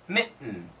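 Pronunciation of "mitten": In 'mitten', the t before the n is said as a glottal stop, in American pronunciation.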